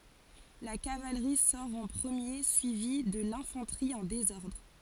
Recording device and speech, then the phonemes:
forehead accelerometer, read sentence
la kavalʁi sɔʁ ɑ̃ pʁəmje syivi də lɛ̃fɑ̃tʁi ɑ̃ dezɔʁdʁ

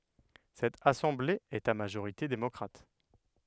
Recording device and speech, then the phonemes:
headset microphone, read sentence
sɛt asɑ̃ble ɛt a maʒoʁite demɔkʁat

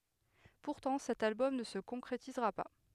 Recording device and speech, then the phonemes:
headset microphone, read sentence
puʁtɑ̃ sɛt albɔm nə sə kɔ̃kʁetizʁa pa

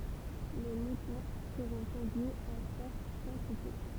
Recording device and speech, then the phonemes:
temple vibration pickup, read sentence
le mutɔ̃ səʁɔ̃ kɔ̃dyiz ɑ̃ fɔʁt kɑ̃tite

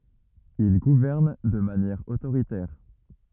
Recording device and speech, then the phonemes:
rigid in-ear microphone, read sentence
il ɡuvɛʁn də manjɛʁ otoʁitɛʁ

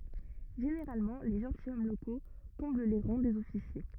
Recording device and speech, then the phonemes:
rigid in-ear microphone, read sentence
ʒeneʁalmɑ̃ le ʒɑ̃tilʃɔm loko kɔ̃bl le ʁɑ̃ dez ɔfisje

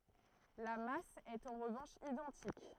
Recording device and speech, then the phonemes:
throat microphone, read sentence
la mas ɛt ɑ̃ ʁəvɑ̃ʃ idɑ̃tik

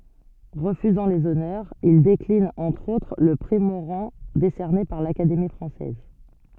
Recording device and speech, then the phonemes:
soft in-ear microphone, read sentence
ʁəfyzɑ̃ lez ɔnœʁz il deklin ɑ̃tʁ otʁ lə pʁi moʁɑ̃ desɛʁne paʁ lakademi fʁɑ̃sɛz

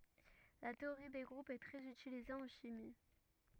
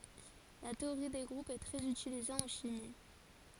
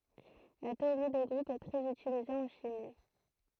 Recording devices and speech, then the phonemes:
rigid in-ear microphone, forehead accelerometer, throat microphone, read sentence
la teoʁi de ɡʁupz ɛ tʁɛz ytilize ɑ̃ ʃimi

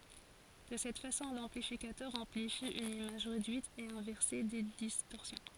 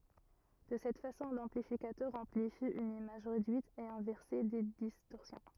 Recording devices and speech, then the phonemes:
forehead accelerometer, rigid in-ear microphone, read sentence
də sɛt fasɔ̃ lɑ̃plifikatœʁ ɑ̃plifi yn imaʒ ʁedyit e ɛ̃vɛʁse de distɔʁsjɔ̃

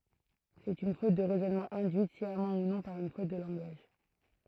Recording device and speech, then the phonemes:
throat microphone, read sentence
sɛt yn fot də ʁɛzɔnmɑ̃ ɛ̃dyit sjamɑ̃ u nɔ̃ paʁ yn fot də lɑ̃ɡaʒ

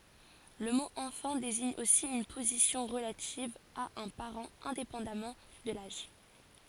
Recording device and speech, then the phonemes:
forehead accelerometer, read sentence
lə mo ɑ̃fɑ̃ deziɲ osi yn pozisjɔ̃ ʁəlativ a œ̃ paʁɑ̃ ɛ̃depɑ̃damɑ̃ də laʒ

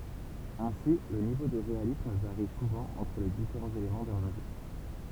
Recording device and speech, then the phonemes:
temple vibration pickup, read sentence
ɛ̃si lə nivo də ʁealism vaʁi suvɑ̃ ɑ̃tʁ le difeʁɑ̃z elemɑ̃ dœ̃ mɛm ʒø

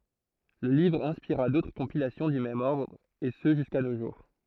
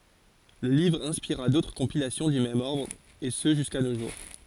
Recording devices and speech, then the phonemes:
throat microphone, forehead accelerometer, read sentence
lə livʁ ɛ̃spiʁa dotʁ kɔ̃pilasjɔ̃ dy mɛm ɔʁdʁ e sə ʒyska no ʒuʁ

